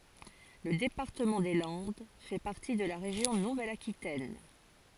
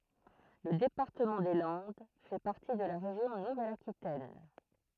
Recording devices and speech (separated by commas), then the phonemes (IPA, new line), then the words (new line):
forehead accelerometer, throat microphone, read sentence
lə depaʁtəmɑ̃ de lɑ̃d fɛ paʁti də la ʁeʒjɔ̃ nuvɛl akitɛn
Le département des Landes fait partie de la région Nouvelle-Aquitaine.